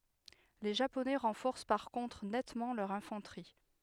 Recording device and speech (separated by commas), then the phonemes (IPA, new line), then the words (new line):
headset microphone, read sentence
le ʒaponɛ ʁɑ̃fɔʁs paʁ kɔ̃tʁ nɛtmɑ̃ lœʁ ɛ̃fɑ̃tʁi
Les Japonais renforcent par contre nettement leur infanterie.